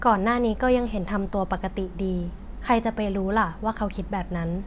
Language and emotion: Thai, neutral